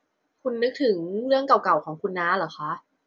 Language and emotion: Thai, neutral